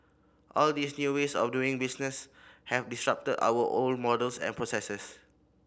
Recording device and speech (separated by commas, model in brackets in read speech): boundary microphone (BM630), read sentence